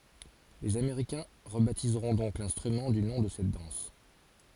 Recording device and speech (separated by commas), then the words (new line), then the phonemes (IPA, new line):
forehead accelerometer, read sentence
Les Américains rebaptiseront donc l'instrument du nom de cette danse.
lez ameʁikɛ̃ ʁəbatizʁɔ̃ dɔ̃k lɛ̃stʁymɑ̃ dy nɔ̃ də sɛt dɑ̃s